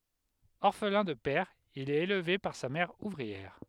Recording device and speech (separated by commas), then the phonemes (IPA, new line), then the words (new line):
headset microphone, read sentence
ɔʁflɛ̃ də pɛʁ il ɛt elve paʁ sa mɛʁ uvʁiɛʁ
Orphelin de père, il est élevé par sa mère ouvrière.